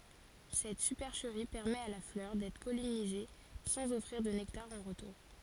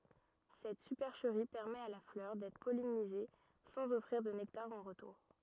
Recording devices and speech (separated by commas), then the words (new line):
forehead accelerometer, rigid in-ear microphone, read sentence
Cette supercherie permet à la fleur d'être pollinisée sans offrir de nectar en retour.